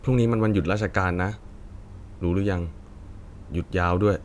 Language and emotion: Thai, neutral